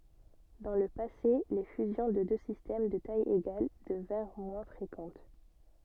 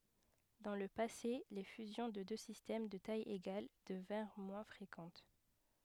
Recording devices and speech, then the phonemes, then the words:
soft in-ear microphone, headset microphone, read sentence
dɑ̃ lə pase le fyzjɔ̃ də dø sistɛm də taj eɡal dəvɛ̃ʁ mwɛ̃ fʁekɑ̃t
Dans le passé, les fusions de deux systèmes de taille égales devinrent moins fréquentes.

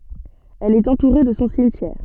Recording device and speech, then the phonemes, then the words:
soft in-ear microphone, read sentence
ɛl ɛt ɑ̃tuʁe də sɔ̃ simtjɛʁ
Elle est entourée de son cimetière.

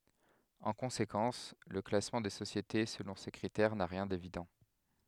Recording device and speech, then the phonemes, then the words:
headset microphone, read sentence
ɑ̃ kɔ̃sekɑ̃s lə klasmɑ̃ de sosjete səlɔ̃ se kʁitɛʁ na ʁjɛ̃ devidɑ̃
En conséquence, le classement des sociétés selon ces critères n'a rien d'évident.

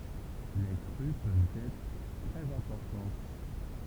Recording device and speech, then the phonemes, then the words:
temple vibration pickup, read sentence
le kʁy pøvt ɛtʁ tʁɛz ɛ̃pɔʁtɑ̃t
Les crues peuvent être très importantes.

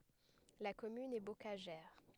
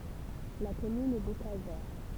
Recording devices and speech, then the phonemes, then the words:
headset microphone, temple vibration pickup, read sentence
la kɔmyn ɛ bokaʒɛʁ
La commune est bocagère.

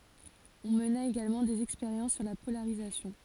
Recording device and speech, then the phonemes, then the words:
forehead accelerometer, read sentence
ɔ̃ məna eɡalmɑ̃ dez ɛkspeʁjɑ̃s syʁ la polaʁizasjɔ̃
On mena également des expériences sur la polarisation.

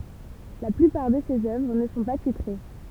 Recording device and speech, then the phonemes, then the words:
temple vibration pickup, read sentence
la plypaʁ də sez œvʁ nə sɔ̃ pa titʁe
La plupart de ses œuvres ne sont pas titrées.

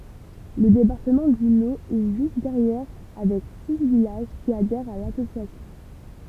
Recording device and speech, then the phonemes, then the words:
temple vibration pickup, read sentence
lə depaʁtəmɑ̃ dy lo ɛ ʒyst dɛʁjɛʁ avɛk si vilaʒ ki adɛʁt a lasosjasjɔ̃
Le département du Lot est juste derrière avec six villages qui adhèrent à l'association.

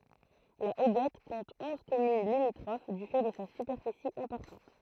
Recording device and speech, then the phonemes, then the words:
throat microphone, read sentence
la oɡɛt kɔ̃t ɔ̃z kɔmyn limitʁof dy fɛ də sa sypɛʁfisi ɛ̃pɔʁtɑ̃t
La Hoguette compte onze communes limitrophes du fait de sa superficie importante.

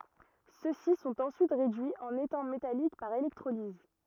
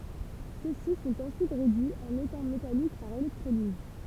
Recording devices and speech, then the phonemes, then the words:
rigid in-ear microphone, temple vibration pickup, read sentence
sø si sɔ̃t ɑ̃syit ʁedyiz ɑ̃n etɛ̃ metalik paʁ elɛktʁoliz
Ceux-ci sont ensuite réduits en étain métallique par électrolyse.

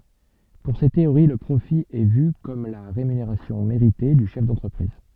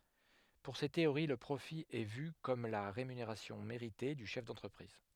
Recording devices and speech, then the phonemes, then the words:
soft in-ear microphone, headset microphone, read sentence
puʁ se teoʁi lə pʁofi ɛ vy kɔm la ʁemyneʁasjɔ̃ meʁite dy ʃɛf dɑ̃tʁəpʁiz
Pour ces théories le profit est vu comme la rémunération méritée du chef d'entreprise.

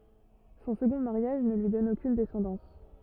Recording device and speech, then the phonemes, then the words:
rigid in-ear microphone, read sentence
sɔ̃ səɡɔ̃ maʁjaʒ nə lyi dɔn okyn dɛsɑ̃dɑ̃s
Son second mariage ne lui donne aucune descendance.

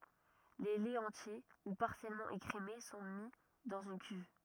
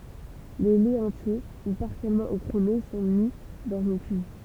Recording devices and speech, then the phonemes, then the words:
rigid in-ear microphone, temple vibration pickup, read sentence
le lɛz ɑ̃tje u paʁsjɛlmɑ̃ ekʁeme sɔ̃ mi dɑ̃z yn kyv
Les laits entiers ou partiellement écrémés sont mis dans une cuve.

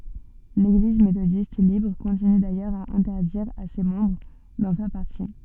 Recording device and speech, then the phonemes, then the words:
soft in-ear microphone, read sentence
leɡliz metodist libʁ kɔ̃tiny dajœʁz a ɛ̃tɛʁdiʁ a se mɑ̃bʁ dɑ̃ fɛʁ paʁti
L'Église méthodiste libre continue d'ailleurs à interdire à ses membres d'en faire partie.

